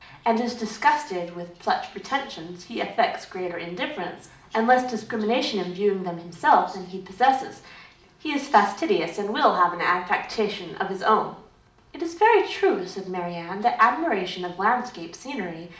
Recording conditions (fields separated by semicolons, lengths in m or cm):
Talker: one person; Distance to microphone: 2.0 m; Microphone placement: close; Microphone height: 99 cm; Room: medium-sized (5.7 m by 4.0 m); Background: television